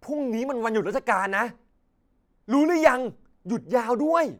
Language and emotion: Thai, happy